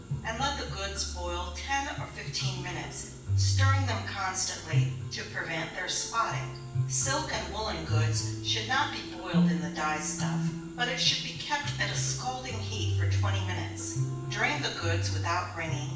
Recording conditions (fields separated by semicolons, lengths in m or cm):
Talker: one person; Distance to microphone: 9.8 m; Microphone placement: far; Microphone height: 1.8 m; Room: large; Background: music